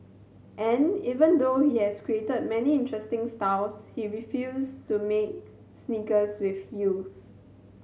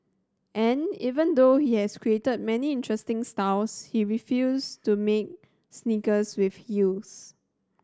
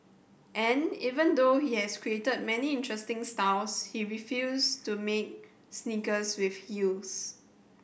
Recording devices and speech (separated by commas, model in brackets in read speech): mobile phone (Samsung C7100), standing microphone (AKG C214), boundary microphone (BM630), read sentence